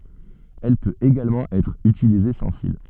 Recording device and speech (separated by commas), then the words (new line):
soft in-ear microphone, read sentence
Elle peut également être utilisée sans fil.